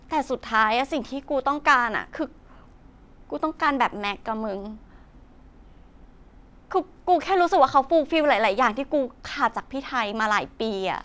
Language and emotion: Thai, sad